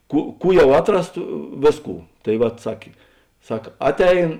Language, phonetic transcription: Lithuanian, ˈkų ˈkų ˈjau ˈatˌras ta ˈvėˌskų tai ˈvat ˈsakė ˈsak ˈatˌein

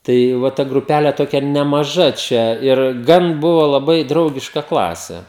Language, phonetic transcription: Lithuanian, tai ˈva ta gruˈpæle ˈtokia nemaˈža ˈčia ir ˈgan ˈbuva laˈbai ˈdraugiška ˈklase

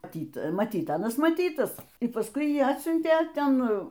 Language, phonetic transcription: Lithuanian, maˈtyt maˈtyt ˈanas maˈtytas i pasˈkui ˈjį ˈatsiuntė ˈten

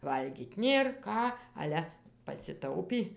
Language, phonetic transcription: Lithuanian, ˈvalgyt' ˈnėr ˈką ˈale pasiˈtaupį

